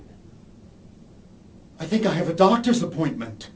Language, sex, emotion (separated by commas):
English, male, fearful